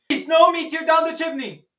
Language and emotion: English, fearful